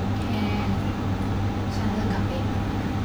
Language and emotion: Thai, sad